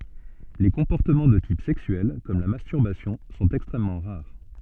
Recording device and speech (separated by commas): soft in-ear microphone, read sentence